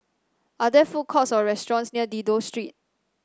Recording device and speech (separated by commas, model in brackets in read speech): standing microphone (AKG C214), read sentence